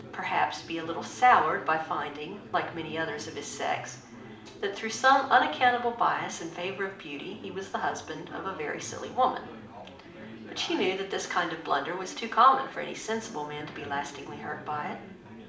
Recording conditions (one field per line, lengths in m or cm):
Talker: one person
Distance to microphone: 2.0 m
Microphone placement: close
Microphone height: 99 cm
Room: medium-sized (5.7 m by 4.0 m)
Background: babble